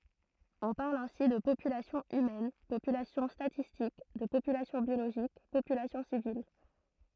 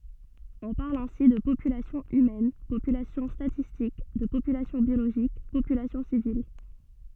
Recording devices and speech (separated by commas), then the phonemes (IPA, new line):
throat microphone, soft in-ear microphone, read sentence
ɔ̃ paʁl ɛ̃si də popylasjɔ̃ ymɛn popylasjɔ̃ statistik də popylasjɔ̃ bjoloʒik popylasjɔ̃ sivil ɛtseteʁa